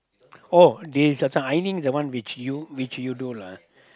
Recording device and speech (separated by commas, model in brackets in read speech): close-talking microphone, conversation in the same room